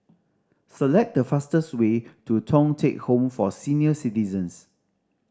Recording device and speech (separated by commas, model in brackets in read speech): standing microphone (AKG C214), read sentence